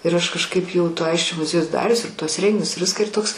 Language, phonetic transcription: Lithuanian, ir ˈaš kažˈkaip jau to ˈaisčio muˈziejus ˈdarius ir tuos ˈrenginius ir ˈviską ir ˈtoks

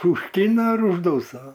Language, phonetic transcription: Lithuanian, užˈtyna ir užˈdūsa

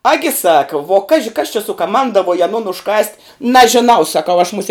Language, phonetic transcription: Lithuanian, ˈagi ˈsaka vuo ˈkaži kas čia sukaˈmandavuoj aˈnon užˈkast' nažiˈnau saˈkau aš muˈsie

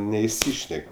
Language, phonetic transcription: Lithuanian, neiˈsyšnek'

